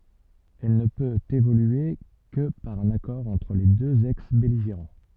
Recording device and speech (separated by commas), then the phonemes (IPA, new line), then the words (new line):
soft in-ear microphone, read sentence
ɛl nə pøt evolye kə paʁ œ̃n akɔʁ ɑ̃tʁ le døz ɛksbɛliʒeʁɑ̃
Elle ne peut évoluer que par un accord entre les deux ex-belligérants.